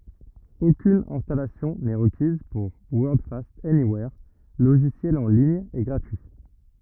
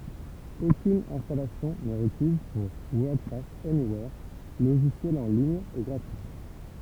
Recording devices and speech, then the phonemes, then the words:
rigid in-ear microphone, temple vibration pickup, read sentence
okyn ɛ̃stalasjɔ̃ nɛ ʁəkiz puʁ wɔʁdfast ɛniwɛʁ loʒisjɛl ɑ̃ liɲ e ɡʁatyi
Aucune installation n'est requise pour Wordfast Anywhere, logiciel en ligne et gratuit.

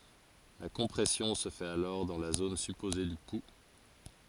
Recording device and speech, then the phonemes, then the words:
forehead accelerometer, read sentence
la kɔ̃pʁɛsjɔ̃ sə fɛt alɔʁ dɑ̃ la zon sypoze dy pu
La compression se fait alors dans la zone supposée du pouls.

